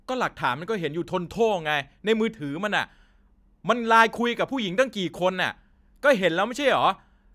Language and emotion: Thai, angry